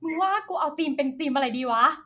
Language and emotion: Thai, happy